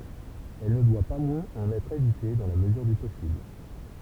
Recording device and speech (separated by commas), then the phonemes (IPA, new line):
temple vibration pickup, read sentence
ɛl nə dwa pa mwɛ̃z ɑ̃n ɛtʁ evite dɑ̃ la məzyʁ dy pɔsibl